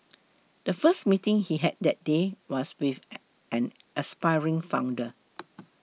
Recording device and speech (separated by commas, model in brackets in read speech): mobile phone (iPhone 6), read sentence